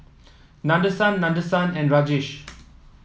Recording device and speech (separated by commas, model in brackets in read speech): mobile phone (iPhone 7), read sentence